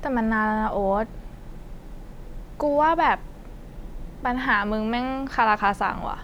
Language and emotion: Thai, frustrated